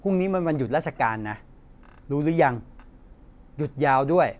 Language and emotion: Thai, frustrated